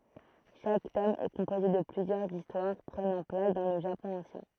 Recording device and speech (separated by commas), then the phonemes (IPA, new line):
throat microphone, read sentence
ʃak tɔm ɛ kɔ̃poze də plyzjœʁz istwaʁ pʁənɑ̃ plas dɑ̃ lə ʒapɔ̃ ɑ̃sjɛ̃